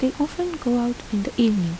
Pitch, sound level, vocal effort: 245 Hz, 78 dB SPL, soft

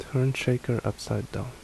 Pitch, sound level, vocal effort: 125 Hz, 70 dB SPL, soft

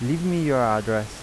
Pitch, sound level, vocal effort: 125 Hz, 87 dB SPL, normal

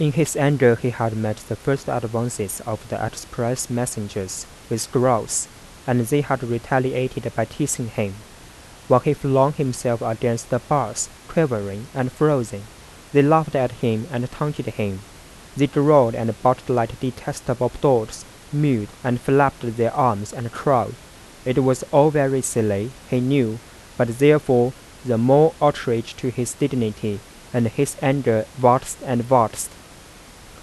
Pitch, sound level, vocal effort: 125 Hz, 85 dB SPL, soft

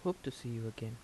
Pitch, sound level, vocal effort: 120 Hz, 74 dB SPL, soft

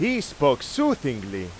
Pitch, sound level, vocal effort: 115 Hz, 96 dB SPL, very loud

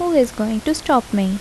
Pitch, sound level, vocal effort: 245 Hz, 77 dB SPL, soft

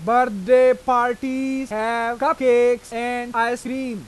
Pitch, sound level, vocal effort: 245 Hz, 99 dB SPL, loud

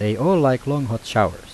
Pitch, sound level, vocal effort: 135 Hz, 85 dB SPL, normal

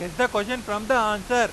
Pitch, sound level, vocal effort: 220 Hz, 102 dB SPL, very loud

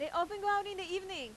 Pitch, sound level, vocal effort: 380 Hz, 96 dB SPL, very loud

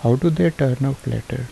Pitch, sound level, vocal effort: 135 Hz, 75 dB SPL, soft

